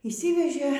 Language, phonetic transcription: Lithuanian, yšˈsivežė

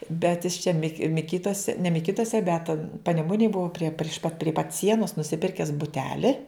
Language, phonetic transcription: Lithuanian, ˈbet jis čia ˈmi miˈkytuose ne miˈkytuose bet paneˈmunėj ˈbua prie priš pat prie pat ˈsienos nusiˈpirkes buˈteli

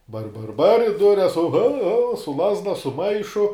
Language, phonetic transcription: Lithuanian, bar bar bar i ˈdures ohou hou su ˈlazda su ˈmaišu

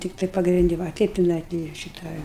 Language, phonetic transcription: Lithuanian, ˈtiktai pagrinˈdi ˈva a ˈteip tiˈnai gi ˈšita

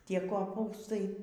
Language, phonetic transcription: Lithuanian, ˈtie koˈpūstai

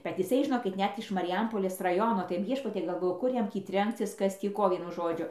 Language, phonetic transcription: Lithuanian, bet jiˈsai žiˈnokit ˈnet iš mariˈjampolės raˈjono tai ˈviešpatie galˈvoju kur ˈjam tį ˈtrenkcis ˈkas ˈtį ˈko ˈvienu ˈžodžiu

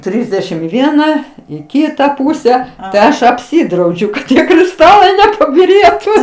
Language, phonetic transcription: Lithuanian, ˈtrisdešim i ˈviena i ˈkyta ˈpūse tai ˈaš apˈsidraudžiu kad ˈtie kriˈstalai nepabiˈrėtu

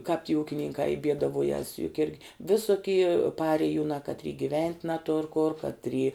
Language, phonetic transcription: Lithuanian, kāp ty ˈūkininkā i ˈbiedaˌvuojas juk ˈirgi ˈvisuki ˈparėjunā katˈry giˈvent' naˈtur kur katˈry

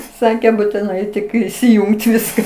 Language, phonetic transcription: Lithuanian, ˈsakė būtiˈnai ˈtik įsiˈjungt ˈviska

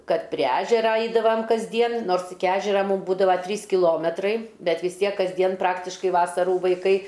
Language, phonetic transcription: Lithuanian, ˈkad prie ˈežera ˈaidavam kasˈdien ˈnors iki ˈažera ˈmūm ˈbūdava ˈtrys kiˈlometrai ˈbet vis ˈtiek kasˈdien ˈpraktiškai ˈvasarų vaiˈkai

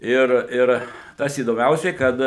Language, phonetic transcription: Lithuanian, ˈir ˈir tas įdoˈmiausiai ˈkad

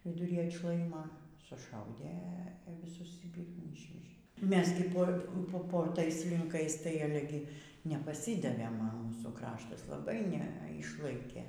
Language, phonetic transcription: Lithuanian, viduˈry atˈšlaima suˈšaudė viˈsus ˈjį ˈpyrmų ˈyšvežė ˈmes gi ˈpo ˈpo po ˈtais linˈkais tai ˈale gi nepaˈsidavėm a ˈmūsų ˈkraštas laˈbai ˈne ˈišlaikė

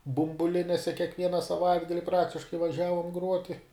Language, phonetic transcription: Lithuanian, bumbuˈlinėse kiekˈviena saˈvaitgali ˈpraktiškai vaˈžiavom ˈgruoti

